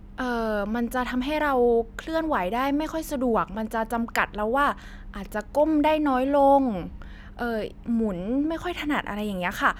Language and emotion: Thai, neutral